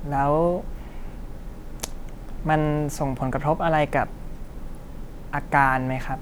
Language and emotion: Thai, frustrated